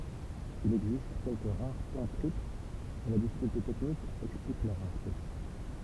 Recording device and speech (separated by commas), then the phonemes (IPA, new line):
temple vibration pickup, read sentence
il ɛɡzist kɛlkə ʁaʁ tɔ̃ tʁipl mɛ la difikylte tɛknik ɛksplik lœʁ ʁaʁte